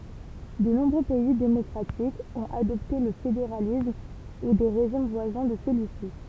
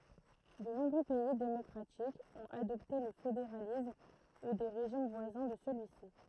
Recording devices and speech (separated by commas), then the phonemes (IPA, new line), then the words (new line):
temple vibration pickup, throat microphone, read sentence
də nɔ̃bʁø pɛi demɔkʁatikz ɔ̃t adɔpte lə fedeʁalism u de ʁeʒim vwazɛ̃ də səlyi si
De nombreux pays démocratiques ont adopté le fédéralisme ou des régimes voisins de celui-ci.